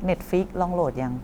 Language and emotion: Thai, frustrated